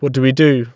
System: none